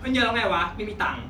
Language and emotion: Thai, frustrated